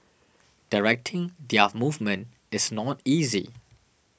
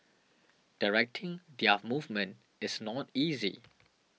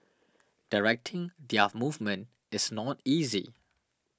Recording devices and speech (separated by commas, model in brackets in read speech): boundary microphone (BM630), mobile phone (iPhone 6), standing microphone (AKG C214), read sentence